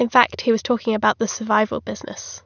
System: none